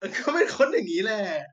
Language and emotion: Thai, happy